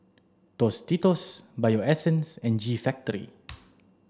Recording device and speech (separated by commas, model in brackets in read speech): standing microphone (AKG C214), read sentence